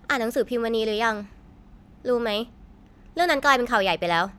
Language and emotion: Thai, frustrated